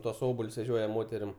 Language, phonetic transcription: Lithuanian, ˈtuos ˈobal's veˈžioja ˈmoterim

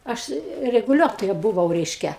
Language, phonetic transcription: Lithuanian, ˈaš reguˈliuotoja buˈvau ˈreiškia

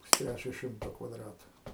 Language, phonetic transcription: Lithuanian, pusˈtræčio ˈšimto kvaˈdratu

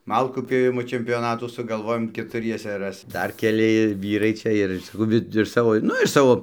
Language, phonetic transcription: Lithuanian, ˈmalkų pjoˈvimo čempioˈnatų sugalˈvojom ketuˈriesa ˈras ˈdar keˈli ˈvyrai ˈčia ir saˈkau ˈvi iš ˈsavo ˈnu iš ˈsavo

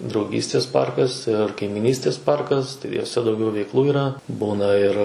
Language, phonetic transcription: Lithuanian, drauˈgystės ˈparkas ir kaimiˈnystės ˈparkas tai juoˈse dauˈgiau veikˈlų yˈra ˈbūna ˈir

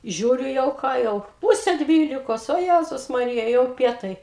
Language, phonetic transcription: Lithuanian, ˈžiūriu jau ˈką jau ˈpūse ˈdvylikos o ˈjæzus maˈrija jau ˈpietai

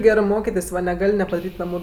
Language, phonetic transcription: Lithuanian, ˈgerɜ ˈmokitės' va neˈgal' nepadaˈryt' ˈnamu

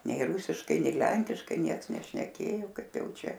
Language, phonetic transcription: Lithuanian, ˈnei ˈrūsiškai ˈnei ˈlenkiškai ˈnieks nešneˈkėjo ˈkaip ˈjau ˈčia

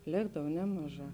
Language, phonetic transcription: Lithuanian, ˈlėkdav ˈnemaˌžā

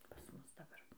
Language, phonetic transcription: Lithuanian, pas ˈmus daˈbar

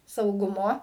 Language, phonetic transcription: Lithuanian, sauˈgumo

